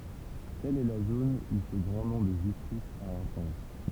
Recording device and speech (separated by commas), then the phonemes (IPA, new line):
temple vibration pickup, read sentence
tɛl ɛ la zon u sə ɡʁɑ̃ nɔ̃ də ʒystis a œ̃ sɑ̃s